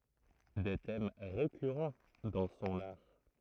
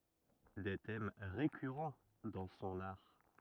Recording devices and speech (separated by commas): throat microphone, rigid in-ear microphone, read sentence